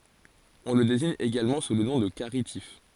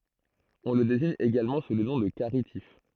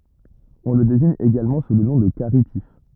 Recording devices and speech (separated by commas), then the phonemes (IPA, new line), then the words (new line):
forehead accelerometer, throat microphone, rigid in-ear microphone, read sentence
ɔ̃ lə deziɲ eɡalmɑ̃ su lə nɔ̃ də kaʁitif
On le désigne également sous le nom de caritif.